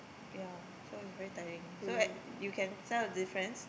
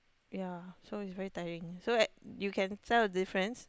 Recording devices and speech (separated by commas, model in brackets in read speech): boundary microphone, close-talking microphone, conversation in the same room